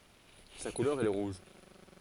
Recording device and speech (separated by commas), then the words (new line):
forehead accelerometer, read sentence
Sa couleur est le rouge.